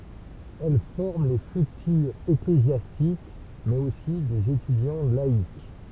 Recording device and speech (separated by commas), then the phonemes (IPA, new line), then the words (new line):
temple vibration pickup, read sentence
ɛl fɔʁm le fytyʁz eklezjastik mɛz osi dez etydjɑ̃ laik
Elles forment les futurs ecclésiastiques, mais aussi des étudiants laïcs.